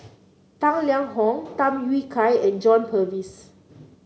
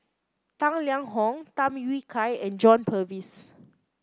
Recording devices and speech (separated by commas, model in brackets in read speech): mobile phone (Samsung C9), close-talking microphone (WH30), read sentence